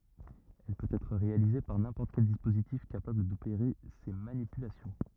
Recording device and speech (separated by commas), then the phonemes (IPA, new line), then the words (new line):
rigid in-ear microphone, read sentence
ɛl pøt ɛtʁ ʁealize paʁ nɛ̃pɔʁt kɛl dispozitif kapabl dopeʁe se manipylasjɔ̃
Elle peut être réalisée par n'importe quel dispositif capable d'opérer ces manipulations.